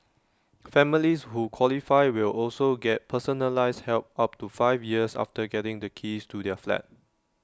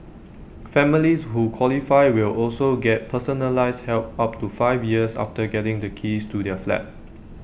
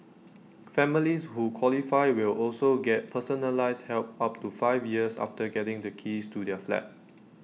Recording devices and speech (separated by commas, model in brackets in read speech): standing microphone (AKG C214), boundary microphone (BM630), mobile phone (iPhone 6), read sentence